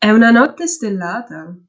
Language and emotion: Italian, surprised